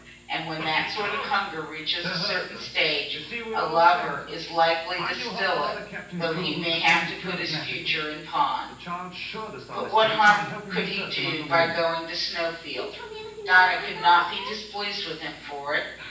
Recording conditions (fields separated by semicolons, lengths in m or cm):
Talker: one person; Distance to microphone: 9.8 m; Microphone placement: far; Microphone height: 1.8 m; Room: large; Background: television